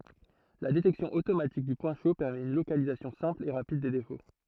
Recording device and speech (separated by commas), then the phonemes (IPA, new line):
throat microphone, read sentence
la detɛksjɔ̃ otomatik dy pwɛ̃ ʃo pɛʁmɛt yn lokalizasjɔ̃ sɛ̃pl e ʁapid de defo